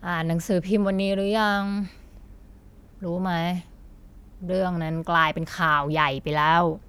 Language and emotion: Thai, frustrated